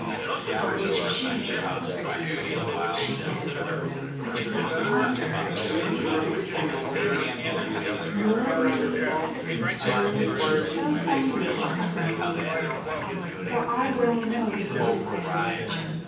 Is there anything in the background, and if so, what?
Crowd babble.